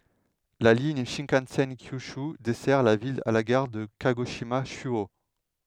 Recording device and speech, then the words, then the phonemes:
headset microphone, read sentence
La ligne Shinkansen Kyūshū dessert la ville à la gare de Kagoshima-Chūō.
la liɲ ʃɛ̃kɑ̃sɛn kjyʃy dɛsɛʁ la vil a la ɡaʁ də kaɡoʃima ʃyo

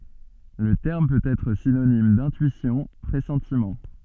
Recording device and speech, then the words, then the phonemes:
soft in-ear microphone, read sentence
Le terme peut être synonyme d'intuition, pressentiment.
lə tɛʁm pøt ɛtʁ sinonim dɛ̃tyisjɔ̃ pʁɛsɑ̃timɑ̃

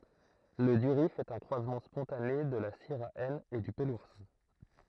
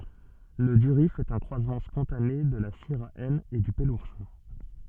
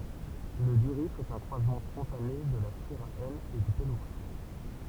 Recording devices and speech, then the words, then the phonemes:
throat microphone, soft in-ear microphone, temple vibration pickup, read sentence
Le durif est un croisement spontané de la syrah N et du peloursin.
lə dyʁif ɛt œ̃ kʁwazmɑ̃ spɔ̃tane də la siʁa ɛn e dy pəluʁsɛ̃

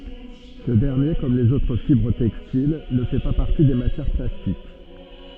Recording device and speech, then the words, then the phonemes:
soft in-ear microphone, read sentence
Ce dernier, comme les autres fibres textiles, ne fait pas partie des matières plastiques.
sə dɛʁnje kɔm lez otʁ fibʁ tɛkstil nə fɛ pa paʁti de matjɛʁ plastik

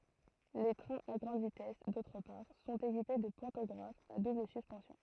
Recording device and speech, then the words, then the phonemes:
throat microphone, read sentence
Les trains à grande vitesse, d'autre part, sont équipés de pantographes à double suspension.
le tʁɛ̃z a ɡʁɑ̃d vitɛs dotʁ paʁ sɔ̃t ekipe də pɑ̃tɔɡʁafz a dubl syspɑ̃sjɔ̃

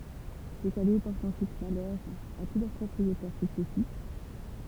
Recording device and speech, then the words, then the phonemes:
temple vibration pickup, read sentence
Ces cadeaux portent ensuite malheur à tous leurs propriétaires successifs.
se kado pɔʁtt ɑ̃syit malœʁ a tu lœʁ pʁɔpʁietɛʁ syksɛsif

